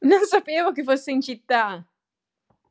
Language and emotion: Italian, happy